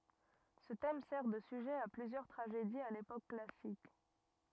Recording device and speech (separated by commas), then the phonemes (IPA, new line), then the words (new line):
rigid in-ear microphone, read sentence
sə tɛm sɛʁ də syʒɛ a plyzjœʁ tʁaʒediz a lepok klasik
Ce thème sert de sujet à plusieurs tragédies à l'époque classique.